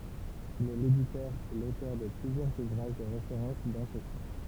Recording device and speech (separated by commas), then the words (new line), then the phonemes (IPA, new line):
temple vibration pickup, read sentence
Il est l'éditeur et l'auteur de plusieurs ouvrages de référence dans ce champ.
il ɛ leditœʁ e lotœʁ də plyzjœʁz uvʁaʒ də ʁefeʁɑ̃s dɑ̃ sə ʃɑ̃